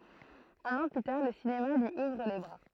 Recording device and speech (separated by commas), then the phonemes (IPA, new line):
throat microphone, read sentence
œ̃n ɑ̃ ply taʁ lə sinema lyi uvʁ le bʁa